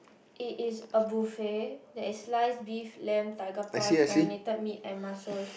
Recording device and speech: boundary microphone, conversation in the same room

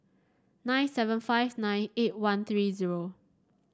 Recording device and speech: standing microphone (AKG C214), read sentence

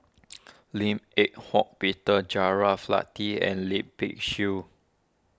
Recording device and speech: standing microphone (AKG C214), read sentence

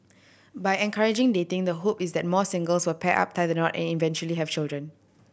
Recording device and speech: boundary microphone (BM630), read sentence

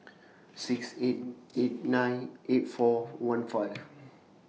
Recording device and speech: mobile phone (iPhone 6), read sentence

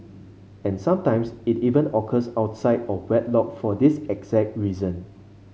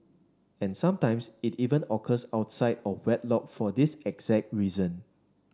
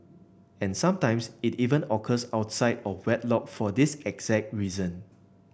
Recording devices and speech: mobile phone (Samsung C5), standing microphone (AKG C214), boundary microphone (BM630), read sentence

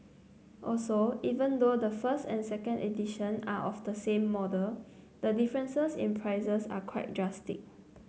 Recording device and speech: mobile phone (Samsung C9), read sentence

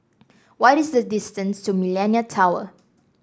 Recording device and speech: standing microphone (AKG C214), read sentence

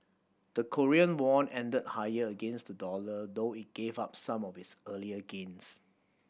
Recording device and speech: boundary microphone (BM630), read sentence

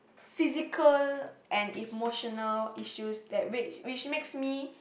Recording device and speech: boundary microphone, conversation in the same room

